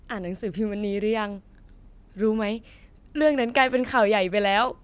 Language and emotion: Thai, happy